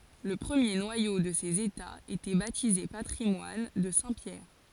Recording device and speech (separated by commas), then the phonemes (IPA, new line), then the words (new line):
forehead accelerometer, read sentence
lə pʁəmje nwajo də sez etaz etɛ batize patʁimwan də sɛ̃ pjɛʁ
Le premier noyau de ces États était baptisé patrimoine de saint Pierre.